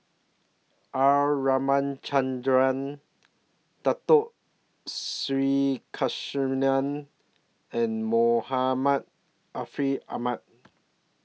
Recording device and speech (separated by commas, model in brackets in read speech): mobile phone (iPhone 6), read sentence